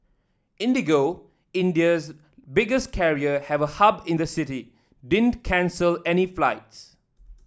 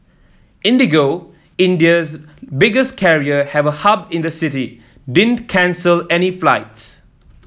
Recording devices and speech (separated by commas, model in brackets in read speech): standing microphone (AKG C214), mobile phone (iPhone 7), read sentence